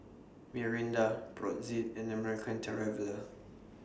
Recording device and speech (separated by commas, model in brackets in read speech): standing microphone (AKG C214), read sentence